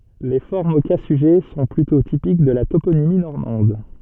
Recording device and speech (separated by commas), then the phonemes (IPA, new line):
soft in-ear microphone, read sentence
le fɔʁmz o ka syʒɛ sɔ̃ plytɔ̃ tipik də la toponimi nɔʁmɑ̃d